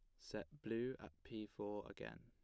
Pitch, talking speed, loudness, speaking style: 105 Hz, 175 wpm, -49 LUFS, plain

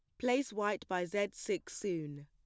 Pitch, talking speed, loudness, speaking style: 205 Hz, 175 wpm, -37 LUFS, plain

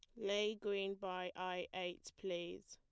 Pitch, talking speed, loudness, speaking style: 185 Hz, 145 wpm, -43 LUFS, plain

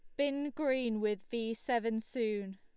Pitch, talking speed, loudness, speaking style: 230 Hz, 155 wpm, -35 LUFS, Lombard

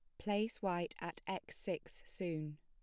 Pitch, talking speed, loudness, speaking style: 180 Hz, 150 wpm, -42 LUFS, plain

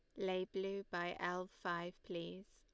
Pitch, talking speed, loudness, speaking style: 185 Hz, 155 wpm, -43 LUFS, Lombard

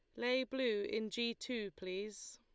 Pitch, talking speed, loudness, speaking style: 225 Hz, 165 wpm, -39 LUFS, Lombard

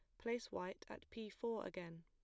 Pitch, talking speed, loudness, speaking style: 220 Hz, 200 wpm, -48 LUFS, plain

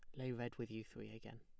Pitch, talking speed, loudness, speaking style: 115 Hz, 305 wpm, -49 LUFS, plain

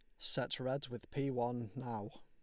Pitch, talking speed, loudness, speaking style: 120 Hz, 180 wpm, -40 LUFS, Lombard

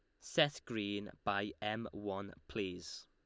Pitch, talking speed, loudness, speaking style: 100 Hz, 125 wpm, -39 LUFS, Lombard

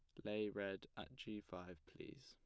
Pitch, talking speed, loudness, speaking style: 105 Hz, 180 wpm, -49 LUFS, plain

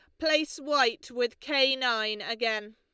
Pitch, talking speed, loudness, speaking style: 250 Hz, 140 wpm, -27 LUFS, Lombard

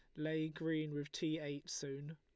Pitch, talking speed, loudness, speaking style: 155 Hz, 185 wpm, -42 LUFS, Lombard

